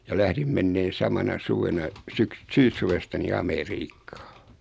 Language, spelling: Finnish, ja lähdin menemään samana suvena - syyssuvesta niin Amerikkaan
- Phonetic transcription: ja 'lährim menneen̬ 'samana 'suvena , 'syks- , "syyssuvesta ni "Ame'riikkᴀᴀ .

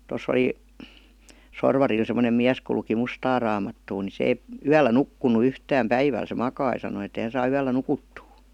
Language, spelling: Finnish, tuossa oli Sorvarilla semmoinen mies kun luki mustaa raamattua niin se ei yöllä nukkunut yhtään päivällä se makasi sanoi että ei hän saa yöllä nukuttua
- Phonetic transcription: to's ‿oli , 'Sorvaril sem°nem 'miäs ku luki "mustaa raamattuu ni 'se eⁱ , "yällä 'nukkunu 'yhtääm "päiväl se 'makai sano et ‿eⁱ » hän̬ saa 'yällä "nukuttuu « .

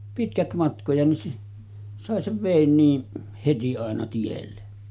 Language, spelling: Finnish, pitkät matkoja niin sai sen veden niin heti aina tielle
- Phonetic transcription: 'pitkät 'matkoja nin , sàe sev 'vèin niin , 'heti àena tielle .

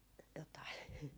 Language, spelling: Finnish, jotakin
- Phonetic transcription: jotai .

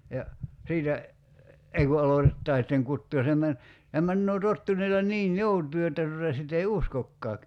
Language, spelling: Finnish, ja siitä ei kun aloitetaan sitten kutoa ja se - se menee tottuneella niin joutuin jotta tuota sitten ei uskokaan
- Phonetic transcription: ja , 'siitä , 'ei ku 'alotettaa sitteŋ 'kuttuu ja se men- , se 'männöö 'tottuǹeela "ǹiin "jout̀uu jotta tuta 'sit ‿ei "uskokkaak̳§ .

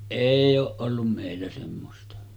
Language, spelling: Finnish, ei ole ollut meillä semmoista
- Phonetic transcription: 'èij ‿ooˀ ˀollum 'mèillä semmosta .

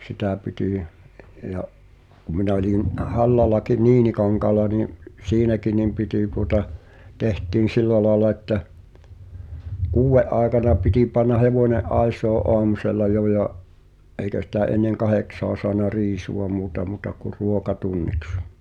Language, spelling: Finnish, sitä piti - ja kun minä olin Hallallakin Niinikankaalla niin siinäkin niin piti tuota tehtiin sillä lailla että kuuden aikana piti panna hevonen aisoihin aamusella jo ja eikä sitä ennen kahdeksaa saanut riisua muuta mutta kuin ruokatunniksi
- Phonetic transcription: 'sitä̀ piti , i’- , ja’ , ku 'minᵃ̈ oĺin , "’Hallalakin̆ "Niinikaŋkaala nì’ , "siinäkin nim pitì tuota , 'teht̀iin̬ "sillä laala että , "kuuwve’ ’aaᵉkana piti panna "hevòńe’ '’ài̬sòe’ '’oamusel̆la "jo ja’ , '’eikä sitä "en̆neŋ 'kahèksoa soana "riisuʷa 'muuta mùta ku "ruokatunniks .

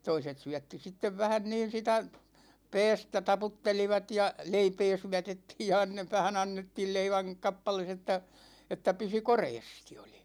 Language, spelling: Finnish, toiset syötti sitten vähän niin sitä päästä taputtelivat ja leipää syötettiin ja - vähän annettiin leivän kappale että että pysyi koreasti oli
- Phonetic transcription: 'toiset 'syätti 'sittev 'vähän 'niin̬ sitä , "pɛɛstä 'taputtelivat ja , 'leipee 'syätettiij ja anne- , 'vähän 'annettiil 'leiväŋ 'kappales ‿että , että 'pysy "koreestI OLI .

